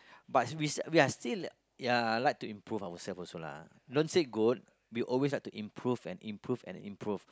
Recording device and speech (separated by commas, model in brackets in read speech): close-talking microphone, conversation in the same room